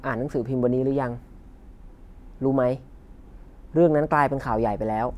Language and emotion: Thai, neutral